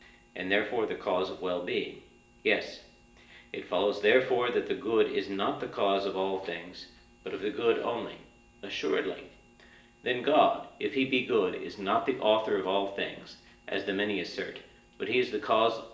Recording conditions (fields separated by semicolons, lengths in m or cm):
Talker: one person; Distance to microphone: 1.8 m; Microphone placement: close; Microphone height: 1.0 m; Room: large; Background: none